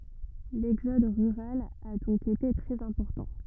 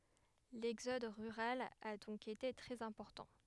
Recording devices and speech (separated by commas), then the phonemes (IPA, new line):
rigid in-ear microphone, headset microphone, read sentence
lɛɡzɔd ʁyʁal a dɔ̃k ete tʁɛz ɛ̃pɔʁtɑ̃